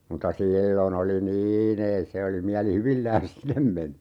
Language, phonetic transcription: Finnish, mutta "siillo'n ‿oli "nii'n ‿ei se oli 'miäli"hyvillään̬s 'sinem meni .
- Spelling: mutta silloin oli niin ei se oli mielihyvillään sinne meni

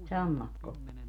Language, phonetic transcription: Finnish, 'sammakko .
- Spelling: sammakko

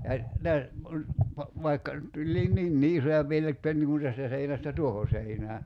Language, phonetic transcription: Finnish, ja , 'lä- , kun , pa- , vaikka , tuĺliin 'ninni "isoja piel- että niŋ kun 'tästä seinästä "tuoho seinää .
- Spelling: ja - kun - vaikka tulikin niinkin isoja - että niin kuin tästä seinästä tuohon seinään

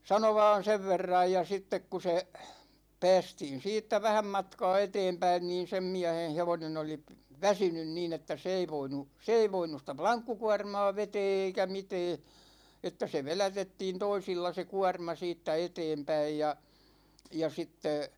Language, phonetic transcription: Finnish, 'sano 'vaan̬ "sev 'verraj ja 'sittek ku se , 'pä̭ä̭stiin̬ 'siittä 'vähäm matkaa 'eteempäin niin 'sem miähen 'hevonen ‿oli , "väsynyn niin ‿että 'se ei 'voinu , 'se ei 'voinus (sitä) "plaŋkkukuårmaa 'vetee eikä 'mitee , että se "velätettiin 'toisilla se "kuårma 'siittä 'eteempäij ja , ja 'sitte ,.
- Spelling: sanoi vain sen verran ja sitten kun se päästiin siitä vähän matkaa eteenpäin niin sen miehen hevonen oli väsynyt niin että se ei voinut se ei voinut sitä lankkukuormaa vetää eikä mitään että se vedätettiin toisilla se kuorma siitä eteenpäin ja ja sitten

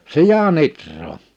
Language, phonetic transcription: Finnish, 'sija'n ‿itrroo .
- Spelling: sian ihraa

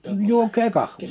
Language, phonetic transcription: Finnish, 'juok̀ee 'kahv̀ii !
- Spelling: juokaa kahvia

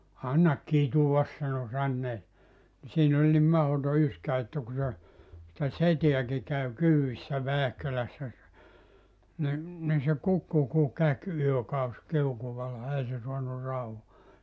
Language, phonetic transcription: Finnish, » 'annak "kituvas « sano 'sannee , ni 'siin ‿oĺ nim 'mahoto 'yskä että ku se , sⁱtä "seteäki käw 'kyy₍issä 'Väähkölässä se , ni , ni se "kukku ku 'käk 'yökaus 'kiukuvalla 'ei se suanu 'rau(hoa) .
- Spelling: anna kitua sanoi sanoneen niin siinä oli niin mahdoton yskä että kun se sitä setääkin kävi kyydissä Väähkölässä se niin niin se kukkui kuin käki yökausi kiukaalla ei se saanut rauhaa

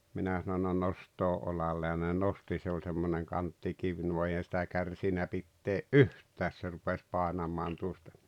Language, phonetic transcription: Finnish, 'minä sano » no 'nost̀oo 'olalle « ja ne 'nosti se oĺ semmoneŋ 'kanttikiv nuo 'eihän̬ sⁱtä 'kärsinä pittee’ "’yht̀ääs se rupes 'pàenam̀aan tuosta .
- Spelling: minä sanoin no nostaa olalle ja ne nosti se oli semmoinen kanttikivi nuo eihän sitä kärsinyt pitää yhtään se rupesi painamaan tuosta

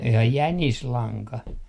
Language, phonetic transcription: Finnish, jaa "jänislaŋka ?
- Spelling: jaa jänislanka

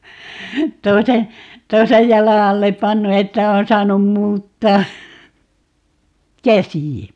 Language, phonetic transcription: Finnish, 'toise , "toisej 'jala 'allep "pannu 'että on 'saanum 'muuttaa , "käsi(ä .
- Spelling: toisen toisen jalan alle pannut että on saanut muuttaa käsiä

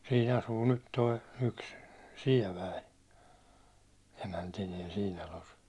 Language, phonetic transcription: Finnish, siin asuu nyt toi , 'yks , 'siɛväi , emäntiniɛ siin talos .
- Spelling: siinä asuu nyt tuo yksi Sievänen emäntineen siinä talossa

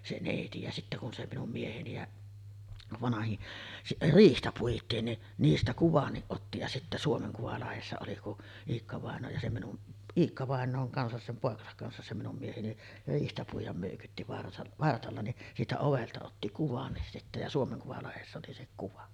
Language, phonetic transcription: Finnish, 'se "nèiti ja sittä kun se 'minum 'mieheni ja , 'vanahin , "riihtä 'puit̆tiin ni , 'niistä 'kuvanniˀ ˀotti ja sittä 'Suomeŋ kuvalahessa oli ku’ , 'Iikka-vàeǹooŋ kansas sem 'pòekasak kansas se 'minum mieheni , 'riihtä puij̆jam mö̀ykytti vart- , 'vartalla ni , siitä ovelta otti "kuvannis sittä ja 'Suomeŋ kuvalehessä oli se 'kuva .
- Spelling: se neiti ja sitten kun se minun mieheni ja vanhin riihtä puitiin niin niistä kuvankin otti ja sitten Suomen kuvalehdessä oli kun Iikka-vainajan kanssa sen poikansa kanssa se minun mieheni riihtä puida möykytti - vartalla niin siitä ovelta otti kuvan sitten ja Suomen kuvalehdessä oli se kuva

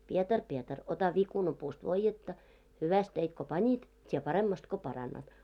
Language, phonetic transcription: Finnish, 'Pietar 'Pietar , ota 'vikunapuust voijjetta , 'hyväst teit ko 'pańit , 't́ie 'paremmast ko 'parannat. . «
- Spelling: Pietari Pietari ota viikunapuusta voidetta hyvästi teit kun panit tee paremmasti kun parannat

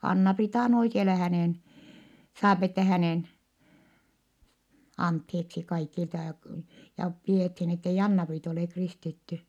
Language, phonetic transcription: Finnish, » Anna-Priita on oikeala » , hänèn , saapi ettɛ hänèn , antheeksi kaikilta ja k- , ja pi₍èthin , ettei Anna-Priit ‿olè kristitty .
- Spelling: Anna-Priita on oikealla hänen saa että hänen anteeksi kaikilta ja - ja pidettiin että ei Anna-Priita ole kristitty

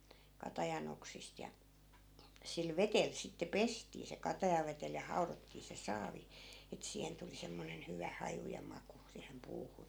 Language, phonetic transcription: Finnish, 'katajan ‿oksist ja , sil 'vetel sitte "pestii se 'katajavetel ja 'hau̬rottii se 'saavi , et 'siihen tuli 'semmonen 'hyvä "haju ja 'maku , siihem 'puuhun .
- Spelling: katajan oksista ja sillä vedellä sitten pestiin se katajavedellä ja haudottiin se saavi että siihen tuli semmoinen hyvä haju ja maku siihen puuhun

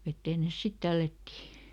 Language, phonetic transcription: Finnish, ˈvetteen ˈnes "sit ˈtällättii .
- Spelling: veteen ne sitten tällättiin

